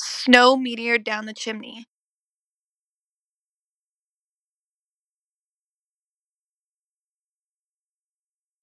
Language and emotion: English, neutral